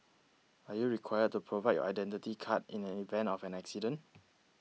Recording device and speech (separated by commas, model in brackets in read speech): mobile phone (iPhone 6), read sentence